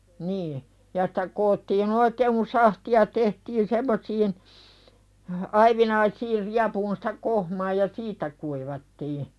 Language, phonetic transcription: Finnish, nii , ja sᴵtä 'koottiin ‿oikeeŋ kun "sahti₍a tehtin semmosiin , 'aivinaisiir riapuun sᴵtä "kohmaa ja "siit̀ä kuivattii .
- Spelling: niin ja sitä koottiin oikein kun sahtia tehtiin semmoisiin aivinaisiin riepuun sitä kohmaa ja siitä kuivattiin

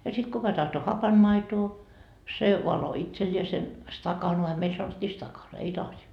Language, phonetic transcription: Finnish, ja sit "kuka 'tahto "hapanmaitoo , se , valo 'itseĺĺiesen "stakanoa 'meil sanottii 'stakan , ei 'lasi .
- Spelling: ja sitten kuka tahtoi hapanmaitoa se valoi itselleen stakanaan meillä sanottiin stakan ei lasi

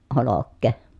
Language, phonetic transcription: Finnish, olokkè .
- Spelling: olkea

